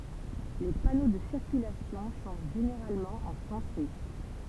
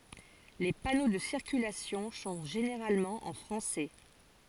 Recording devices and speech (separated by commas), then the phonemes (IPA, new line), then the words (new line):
temple vibration pickup, forehead accelerometer, read sentence
le pano də siʁkylasjɔ̃ sɔ̃ ʒeneʁalmɑ̃ ɑ̃ fʁɑ̃sɛ
Les panneaux de circulation sont généralement en français.